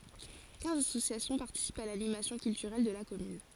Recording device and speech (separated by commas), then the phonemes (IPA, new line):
forehead accelerometer, read sentence
kɛ̃z asosjasjɔ̃ paʁtisipt a lanimasjɔ̃ kyltyʁɛl də la kɔmyn